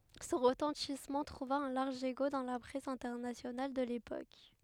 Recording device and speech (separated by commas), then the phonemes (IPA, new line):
headset microphone, read sentence
sɔ̃ ʁətɑ̃tismɑ̃ tʁuva œ̃ laʁʒ eko dɑ̃ la pʁɛs ɛ̃tɛʁnasjonal də lepok